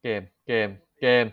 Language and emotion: Thai, frustrated